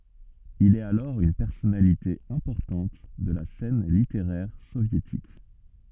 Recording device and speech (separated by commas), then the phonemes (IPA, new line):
soft in-ear microphone, read sentence
il ɛt alɔʁ yn pɛʁsɔnalite ɛ̃pɔʁtɑ̃t də la sɛn liteʁɛʁ sovjetik